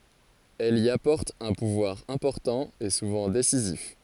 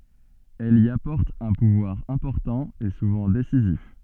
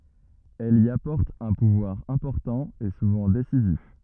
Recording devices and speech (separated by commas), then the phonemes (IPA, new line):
forehead accelerometer, soft in-ear microphone, rigid in-ear microphone, read sentence
ɛl i apɔʁt œ̃ puvwaʁ ɛ̃pɔʁtɑ̃ e suvɑ̃ desizif